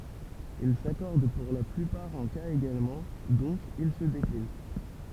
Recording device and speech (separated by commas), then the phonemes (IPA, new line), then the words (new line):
temple vibration pickup, read sentence
il sakɔʁd puʁ la plypaʁ ɑ̃ kaz eɡalmɑ̃ dɔ̃k il sə deklin
Il s'accordent pour la plupart en cas également, donc ils se déclinent.